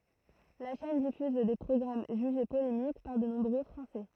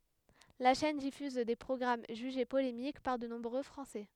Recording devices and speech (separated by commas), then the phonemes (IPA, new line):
throat microphone, headset microphone, read sentence
la ʃɛn difyz de pʁɔɡʁam ʒyʒe polemik paʁ də nɔ̃bʁø fʁɑ̃sɛ